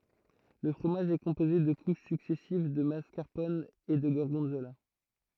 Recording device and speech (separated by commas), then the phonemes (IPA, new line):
throat microphone, read sentence
lə fʁomaʒ ɛ kɔ̃poze də kuʃ syksɛsiv də maskaʁpɔn e də ɡɔʁɡɔ̃zola